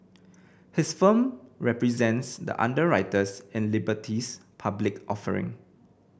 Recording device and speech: boundary microphone (BM630), read sentence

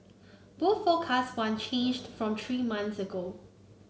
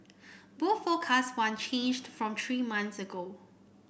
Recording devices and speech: mobile phone (Samsung C9), boundary microphone (BM630), read sentence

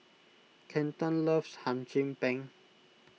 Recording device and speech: mobile phone (iPhone 6), read sentence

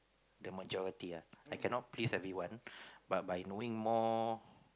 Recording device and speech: close-talking microphone, conversation in the same room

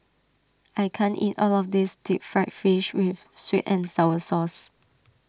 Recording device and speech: standing microphone (AKG C214), read sentence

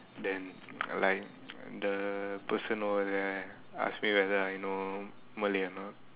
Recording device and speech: telephone, conversation in separate rooms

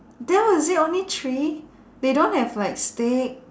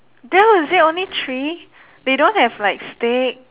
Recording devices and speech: standing microphone, telephone, conversation in separate rooms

